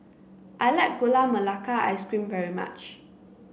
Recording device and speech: boundary microphone (BM630), read sentence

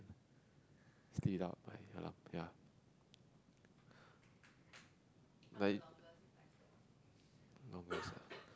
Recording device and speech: close-talking microphone, conversation in the same room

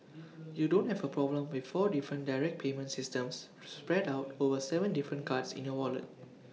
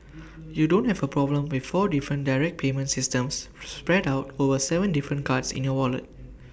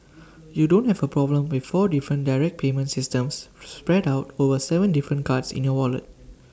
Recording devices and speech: mobile phone (iPhone 6), boundary microphone (BM630), standing microphone (AKG C214), read sentence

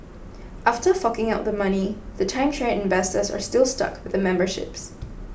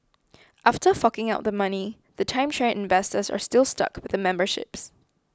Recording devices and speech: boundary microphone (BM630), close-talking microphone (WH20), read sentence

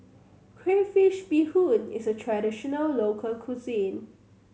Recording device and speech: mobile phone (Samsung C7100), read sentence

